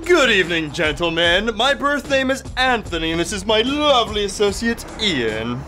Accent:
In a sophisticated accent